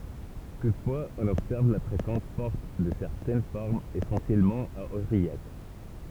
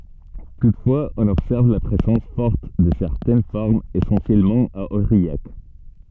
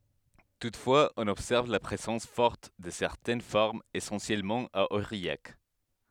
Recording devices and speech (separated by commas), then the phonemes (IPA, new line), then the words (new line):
temple vibration pickup, soft in-ear microphone, headset microphone, read sentence
tutfwaz ɔ̃n ɔbsɛʁv la pʁezɑ̃s fɔʁt də sɛʁtɛn fɔʁmz esɑ̃sjɛlmɑ̃ a oʁijak
Toutefois, on observe la présence forte de certaines formes, essentiellement à Aurillac.